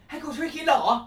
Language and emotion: Thai, happy